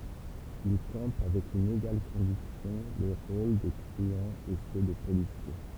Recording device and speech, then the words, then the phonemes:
temple vibration pickup, read sentence
Il campe avec une égale conviction les rôles de truands et ceux de policiers.
il kɑ̃p avɛk yn eɡal kɔ̃viksjɔ̃ le ʁol də tʁyɑ̃z e sø də polisje

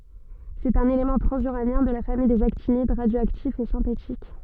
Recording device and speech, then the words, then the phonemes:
soft in-ear microphone, read sentence
C'est un élément transuranien de la famille des actinides, radioactif et synthétique.
sɛt œ̃n elemɑ̃ tʁɑ̃zyʁanjɛ̃ də la famij dez aktinid ʁadjoaktif e sɛ̃tetik

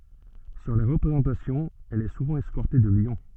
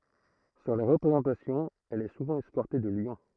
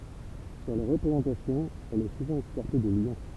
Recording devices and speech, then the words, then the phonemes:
soft in-ear microphone, throat microphone, temple vibration pickup, read sentence
Sur les représentations, elle est souvent escortée de lions.
syʁ le ʁəpʁezɑ̃tasjɔ̃z ɛl ɛ suvɑ̃ ɛskɔʁte də ljɔ̃

